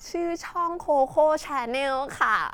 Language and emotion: Thai, happy